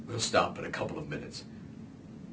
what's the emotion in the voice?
neutral